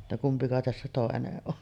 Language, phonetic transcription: Finnish, [jot]ta kumpika tässä 'tòeneˀ 'ˀon .
- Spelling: jotta kumpi tässä toinen on

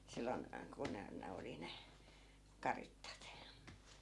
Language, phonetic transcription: Finnish, 'sillon , ku ne , 'ne oli 'ne , "karittat .
- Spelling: silloin kun ne ne oli ne karitsat

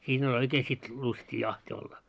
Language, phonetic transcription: Finnish, 'siin ‿oĺ 'oikee sit , 'lustii 'jahti olla .
- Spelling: siinä oli oikein sitten lystiä jahti olla

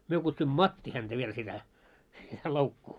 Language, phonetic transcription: Finnish, myö kutsuimᵐᵒ "matti häntä viel sitä , 'loukkuu .
- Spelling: me kutsuimme matti häntä vielä sitä loukkua

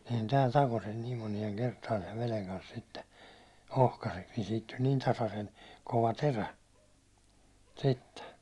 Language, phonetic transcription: Finnish, sehän tääl 'tako sen niim 'monieŋ 'kertaan sev 'veleŋ kans sitte , 'ohkaseks niin siit tuĺ niin 'tasasen , kova 'terä , sitte .
- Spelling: sehän täällä takoi sen niin monien kertaan sen veden kanssa sitten ohkaiseksi niin siitä tuli niin tasaisen kova terä sitten

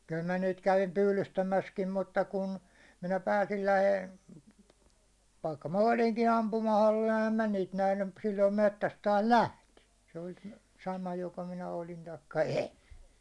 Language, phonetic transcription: Finnish, kyl mä niit kävim 'pylystämäskim 'mutta 'kun , minä pääsil 'läheil- , vaikka ma 'oliŋki 'ampumahollil ähäm 'mä niit 'nähny , m- silloim 'mettäs taas "lähti , se oĺ 'sama joko minä 'olin taikka "en̬ .
- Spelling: kyllä minä niitä kävin pyydystämässäkin mutta kun minä pääsin - vaikka minä olinkin ampumahollilla enhän minä niitä nähnyt - silloin metsäs taas lähti se oli sama joko minä olin tai en

